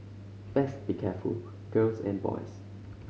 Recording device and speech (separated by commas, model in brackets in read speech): mobile phone (Samsung C5010), read sentence